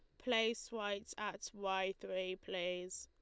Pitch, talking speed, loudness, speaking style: 195 Hz, 130 wpm, -41 LUFS, Lombard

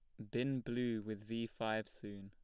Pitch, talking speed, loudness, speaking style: 110 Hz, 190 wpm, -41 LUFS, plain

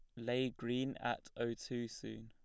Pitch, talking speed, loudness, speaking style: 120 Hz, 175 wpm, -41 LUFS, plain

